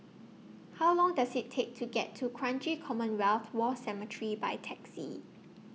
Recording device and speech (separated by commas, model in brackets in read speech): mobile phone (iPhone 6), read sentence